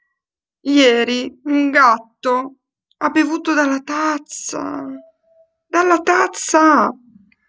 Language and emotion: Italian, sad